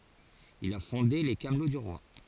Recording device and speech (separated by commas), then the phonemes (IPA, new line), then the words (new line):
forehead accelerometer, read sentence
il a fɔ̃de le kamlo dy ʁwa
Il a fondé les Camelots du roi.